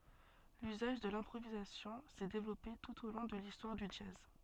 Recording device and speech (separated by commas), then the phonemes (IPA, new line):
soft in-ear microphone, read sentence
lyzaʒ də lɛ̃pʁovizasjɔ̃ sɛ devlɔpe tut o lɔ̃ də listwaʁ dy dʒaz